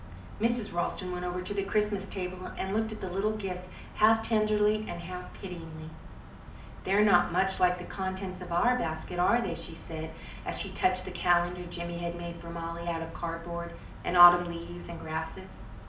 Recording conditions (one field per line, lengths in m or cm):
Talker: one person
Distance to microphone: 2.0 m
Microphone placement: close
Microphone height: 99 cm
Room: medium-sized (5.7 m by 4.0 m)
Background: none